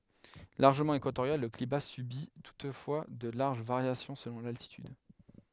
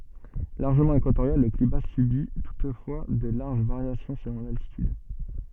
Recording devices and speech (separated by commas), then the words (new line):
headset microphone, soft in-ear microphone, read sentence
Largement équatorial, le climat subit toutefois de larges variations selon l’altitude.